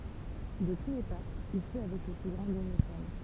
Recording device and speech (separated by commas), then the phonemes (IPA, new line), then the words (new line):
temple vibration pickup, read sentence
də tu le papz il fy avɛk lə ply ɡʁɑ̃ de mesɛn
De tous les papes, il fut avec le plus grand des mécènes.